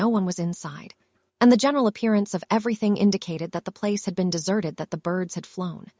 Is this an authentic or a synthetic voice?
synthetic